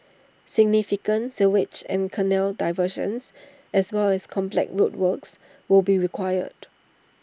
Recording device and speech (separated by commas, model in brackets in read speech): standing microphone (AKG C214), read sentence